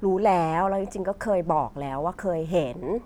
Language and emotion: Thai, neutral